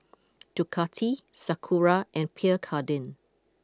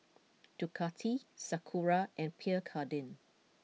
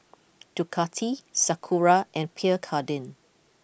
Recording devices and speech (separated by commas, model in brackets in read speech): close-talking microphone (WH20), mobile phone (iPhone 6), boundary microphone (BM630), read sentence